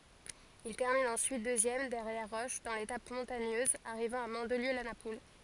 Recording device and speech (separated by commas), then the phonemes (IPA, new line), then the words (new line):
forehead accelerometer, read sentence
il tɛʁmin ɑ̃syit døzjɛm dɛʁjɛʁ ʁɔʃ dɑ̃ letap mɔ̃taɲøz aʁivɑ̃ a mɑ̃dliø la napul
Il termine ensuite deuxième derrière Roche dans l'étape montagneuse arrivant à Mandelieu-la-Napoule.